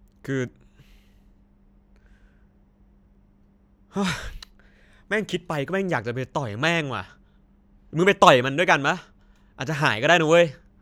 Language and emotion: Thai, frustrated